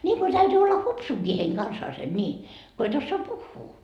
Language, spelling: Finnish, niin kuin täytyy olla hupsunakin heidän kanssaan niin kun et osaa puhua
- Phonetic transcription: ńiiŋko 'täytyy 'olla "hupsuŋkii heiŋ "kansaasen ńii , ko et ossoa "puhhuu .

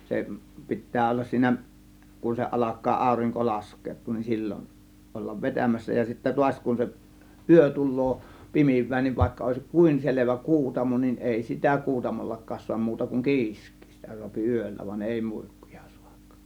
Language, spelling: Finnish, se pitää olla siinä kun se alkaa aurinko laskeutua niin silloin olla vetämässä ja sitten taas kun se yö tulee pimenee niin vaikka olisikin kuinka selvä kuutamo niin ei sitä kuutamollakaan saa muuta kuin kiiskiä sitä saa yöllä vaan ei muikkuja saa
- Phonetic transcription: 'se , 'pi̬ttää ollas 'siinä , kun se 'ˀalak̆kaa 'àȯriŋko 'lask̀eet̆tuun nin "sil͕l͕on , ollav "vetämässä ja sittä 'tuaś kun se , "ˀyö 'tul̆loo , "pimiv̆vää niiv vàėkka òėsⁱk "kùin 'selevä "kuutamo nin , "èi sitä 'kuutamollak̆kaas suam 'muuta kuŋ "ki̬isk̆kII 'sitä suapi "ỳöllä van 'èi muIkkUJA sUAk .

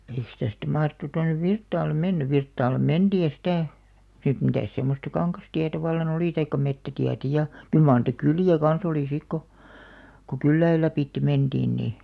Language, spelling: Finnish, eikös tästä mahdettu tuonne Virtaalle mennyt Virtaalle mentiin ja sitä sitten mitäs semmoista kangastietä vallan oli tai metsätietä ja kyllä mar niitä kyliä kanssa oli sitten kun kun kylien lävitse mentiin niin
- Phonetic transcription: eiks tästä̀ 'mahrᵉttu 'tonnev̆ "Virttaallem "menny̳§ 'Virttaal̆lem̆ "menᴅii ja sitä̀ , sit 'mitä̀s semmosta "kaŋkastiätä valla'n ‿olì taikka 'mettätiätä ja , 'kyl maar nìtä "kylì₍ä kan̬'s ‿olì 'sik ko , ko "kylläil 'läpìtte 'menᴅiin nì .

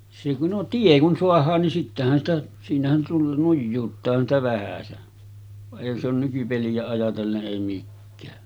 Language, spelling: Finnish, se kun no tie kun saadaan niin sittenhän sitä siinähän tulla nujuuttaahan sitä vähäsen vaan eihän se ole nykypeliä ajatellen ei mikään
- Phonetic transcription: se ku , no 'tie kun 'soah̀aan nin sittähän sitä , 'siinähän tullan 'nujjuuttaahan sⁱtä vähäsen , va’ ’èihän se ‿on nykypeli₍ä ajatelle’ '’èi mikkää .

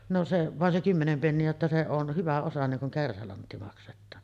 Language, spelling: Finnish, no se vain se kymmenen penniä jotta se on hyvä osa niin kuin kärsälantti maksetaan
- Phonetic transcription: no 'se , vàen 'se 'kymmenem penni₍ä jotta se on , 'hyvä osa niŋ kuŋ kärsälantti makset̆taan .

